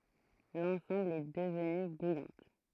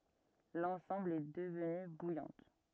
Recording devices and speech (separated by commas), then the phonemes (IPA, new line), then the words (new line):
throat microphone, rigid in-ear microphone, read sentence
lɑ̃sɑ̃bl ɛ dəvny bujɑ̃t
L'ensemble est devenu Bouillante.